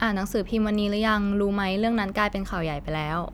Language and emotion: Thai, neutral